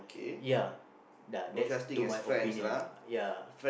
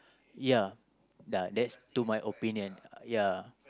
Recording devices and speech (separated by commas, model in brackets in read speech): boundary microphone, close-talking microphone, conversation in the same room